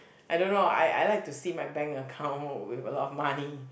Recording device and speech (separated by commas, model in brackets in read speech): boundary microphone, conversation in the same room